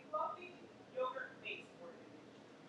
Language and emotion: English, neutral